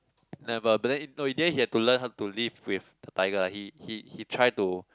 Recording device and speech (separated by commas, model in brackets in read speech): close-talking microphone, conversation in the same room